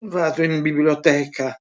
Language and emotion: Italian, disgusted